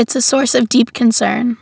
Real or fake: real